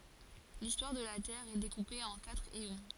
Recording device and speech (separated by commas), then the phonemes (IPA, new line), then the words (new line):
forehead accelerometer, read sentence
listwaʁ də la tɛʁ ɛ dekupe ɑ̃ katʁ eɔ̃
L'histoire de la Terre est découpée en quatre éons.